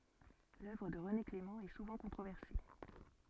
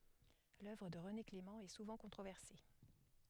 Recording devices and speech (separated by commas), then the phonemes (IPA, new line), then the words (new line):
soft in-ear microphone, headset microphone, read sentence
lœvʁ də ʁəne klemɑ̃ ɛ suvɑ̃ kɔ̃tʁovɛʁse
L’œuvre de René Clément est souvent controversée.